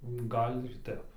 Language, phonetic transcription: Lithuanian, ˈgal' ir ˈtep

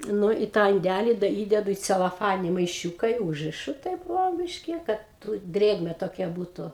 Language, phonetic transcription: Lithuanian, ˈnu i tą inˈdæli da ˈįdedu į celoˈfanini maiˈšiūka i ˈūžrišu taip ˈvo ˈbyški ˈkad tu ˈdrėgme toˈkia ˈbūtu

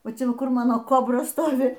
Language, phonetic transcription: Lithuanian, ˈva ˈčia ˈva ˈkur ˈmano ˈkobra ˈstovi

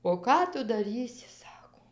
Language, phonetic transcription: Lithuanian, o ˈką ˈtu daˈrysi ˈsako

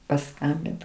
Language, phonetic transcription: Lithuanian, paˈskambint

